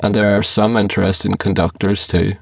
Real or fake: fake